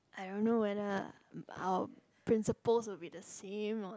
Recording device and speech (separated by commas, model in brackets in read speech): close-talking microphone, conversation in the same room